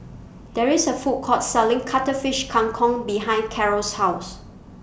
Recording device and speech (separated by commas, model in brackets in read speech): boundary microphone (BM630), read sentence